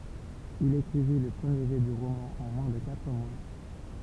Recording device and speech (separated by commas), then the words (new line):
temple vibration pickup, read sentence
Il écrivit le premier jet du roman en moins de quatre mois.